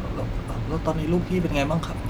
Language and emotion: Thai, frustrated